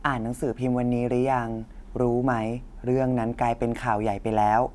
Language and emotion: Thai, neutral